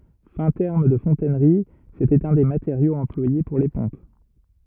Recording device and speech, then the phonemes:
rigid in-ear microphone, read sentence
fɛ̃ tɛʁm də fɔ̃tɛnʁi setɛt œ̃ de mateʁjoz ɑ̃plwaje puʁ le pɔ̃p

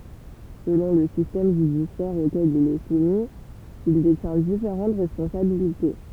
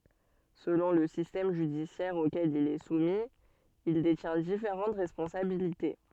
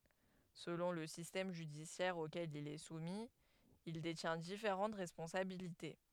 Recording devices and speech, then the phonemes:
temple vibration pickup, soft in-ear microphone, headset microphone, read sentence
səlɔ̃ lə sistɛm ʒydisjɛʁ okɛl il ɛ sumi il detjɛ̃ difeʁɑ̃t ʁɛspɔ̃sabilite

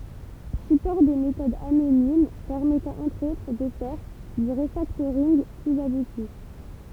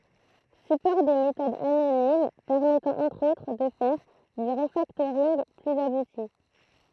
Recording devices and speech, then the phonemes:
temple vibration pickup, throat microphone, read sentence
sypɔʁ de metodz anonim pɛʁmɛtɑ̃ ɑ̃tʁ otʁ də fɛʁ dy ʁəfaktoʁinɡ plyz abuti

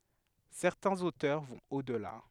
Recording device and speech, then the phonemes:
headset microphone, read sentence
sɛʁtɛ̃z otœʁ vɔ̃t o dəla

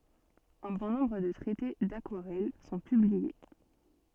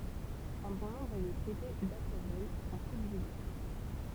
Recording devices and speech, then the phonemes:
soft in-ear microphone, temple vibration pickup, read sentence
œ̃ bɔ̃ nɔ̃bʁ də tʁɛte dakwaʁɛl sɔ̃ pyblie

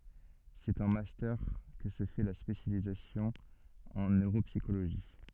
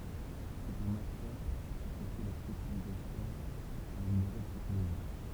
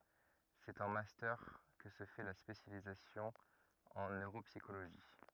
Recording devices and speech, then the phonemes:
soft in-ear microphone, temple vibration pickup, rigid in-ear microphone, read sentence
sɛt ɑ̃ mastœʁ kə sə fɛ la spesjalizasjɔ̃ ɑ̃ nøʁopsikoloʒi

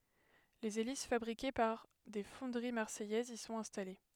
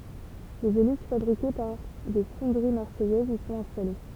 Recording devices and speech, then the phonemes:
headset microphone, temple vibration pickup, read sentence
lez elis fabʁike paʁ de fɔ̃dəʁi maʁsɛjɛzz i sɔ̃t ɛ̃stale

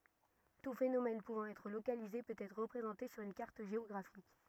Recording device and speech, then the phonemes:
rigid in-ear microphone, read sentence
tu fenomɛn puvɑ̃ ɛtʁ lokalize pøt ɛtʁ ʁəpʁezɑ̃te syʁ yn kaʁt ʒeɔɡʁafik

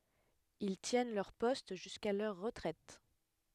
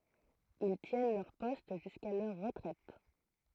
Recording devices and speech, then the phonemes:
headset microphone, throat microphone, read sentence
il tjɛn lœʁ pɔst ʒyska lœʁ ʁətʁɛt

